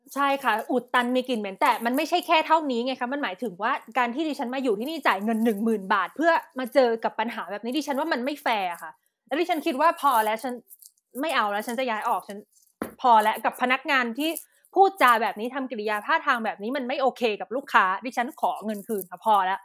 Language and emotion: Thai, angry